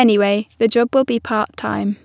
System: none